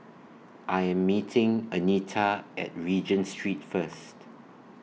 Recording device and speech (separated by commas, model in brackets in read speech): mobile phone (iPhone 6), read sentence